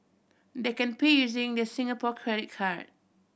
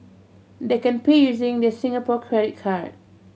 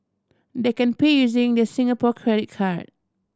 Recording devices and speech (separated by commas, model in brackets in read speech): boundary microphone (BM630), mobile phone (Samsung C7100), standing microphone (AKG C214), read sentence